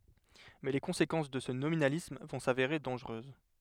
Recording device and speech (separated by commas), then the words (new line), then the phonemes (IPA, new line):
headset microphone, read sentence
Mais les conséquences de ce nominalisme vont s'avérer dangereuses.
mɛ le kɔ̃sekɑ̃s də sə nominalism vɔ̃ saveʁe dɑ̃ʒʁøz